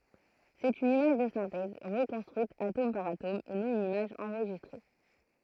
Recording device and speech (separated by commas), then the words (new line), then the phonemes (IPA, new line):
throat microphone, read sentence
C'est une image de synthèse, reconstruite atome par atome et non une image enregistrée.
sɛt yn imaʒ də sɛ̃tɛz ʁəkɔ̃stʁyit atom paʁ atom e nɔ̃ yn imaʒ ɑ̃ʁʒistʁe